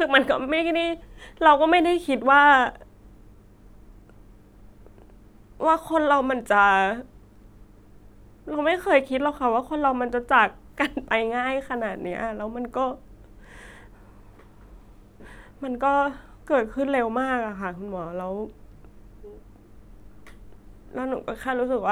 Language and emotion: Thai, sad